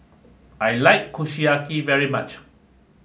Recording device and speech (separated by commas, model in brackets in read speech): mobile phone (Samsung S8), read sentence